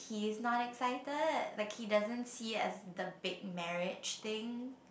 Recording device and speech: boundary microphone, conversation in the same room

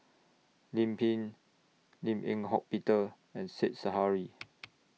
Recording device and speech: mobile phone (iPhone 6), read sentence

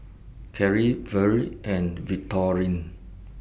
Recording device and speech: boundary microphone (BM630), read sentence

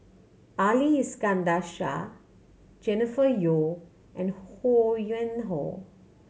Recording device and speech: mobile phone (Samsung C7100), read sentence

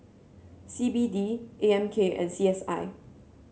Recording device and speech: mobile phone (Samsung C7), read sentence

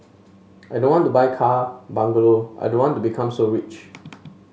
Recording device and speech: mobile phone (Samsung S8), read sentence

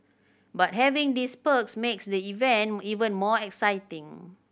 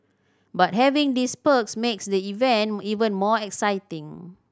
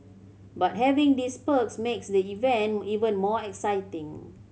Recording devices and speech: boundary microphone (BM630), standing microphone (AKG C214), mobile phone (Samsung C7100), read sentence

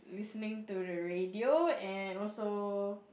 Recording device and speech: boundary microphone, conversation in the same room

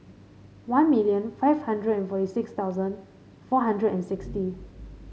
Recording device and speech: mobile phone (Samsung C5), read sentence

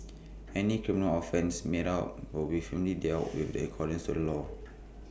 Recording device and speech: boundary microphone (BM630), read sentence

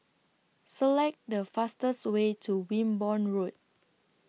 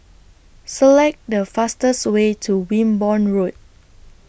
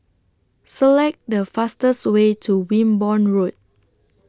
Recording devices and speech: mobile phone (iPhone 6), boundary microphone (BM630), standing microphone (AKG C214), read sentence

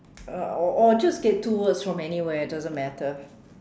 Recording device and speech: standing microphone, conversation in separate rooms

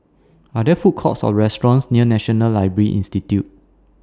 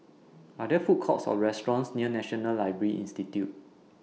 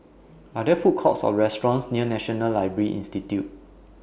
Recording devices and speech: standing microphone (AKG C214), mobile phone (iPhone 6), boundary microphone (BM630), read sentence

